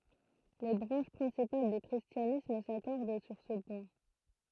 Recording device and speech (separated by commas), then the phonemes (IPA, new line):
throat microphone, read sentence
le bʁɑ̃ʃ pʁɛ̃sipal dy kʁistjanism sakɔʁd syʁ sə pwɛ̃